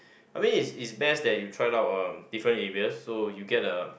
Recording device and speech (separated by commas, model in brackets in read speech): boundary microphone, conversation in the same room